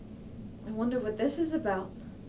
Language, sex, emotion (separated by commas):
English, female, fearful